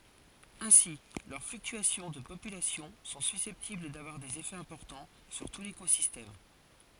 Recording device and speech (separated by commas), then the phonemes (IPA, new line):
forehead accelerometer, read sentence
ɛ̃si lœʁ flyktyasjɔ̃ də popylasjɔ̃ sɔ̃ sysɛptibl davwaʁ dez efɛz ɛ̃pɔʁtɑ̃ syʁ tu lekozistɛm